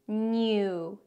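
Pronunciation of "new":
'New' is said with a y sound in the 'ew'. This is not the usual way to say it; normally the y sound is skipped.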